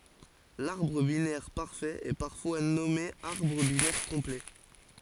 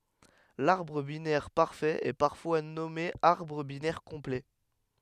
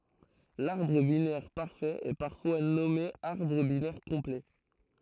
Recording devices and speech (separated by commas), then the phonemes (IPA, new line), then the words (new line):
forehead accelerometer, headset microphone, throat microphone, read sentence
laʁbʁ binɛʁ paʁfɛt ɛ paʁfwa nɔme aʁbʁ binɛʁ kɔ̃plɛ
L'arbre binaire parfait est parfois nommé arbre binaire complet.